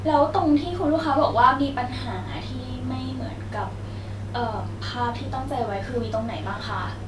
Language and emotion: Thai, neutral